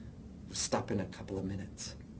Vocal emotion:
neutral